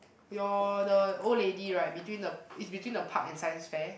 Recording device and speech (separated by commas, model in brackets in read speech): boundary microphone, conversation in the same room